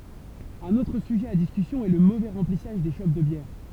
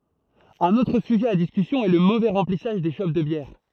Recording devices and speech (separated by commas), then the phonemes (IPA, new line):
temple vibration pickup, throat microphone, read sentence
œ̃n otʁ syʒɛ a diskysjɔ̃ ɛ lə movɛ ʁɑ̃plisaʒ de ʃop də bjɛʁ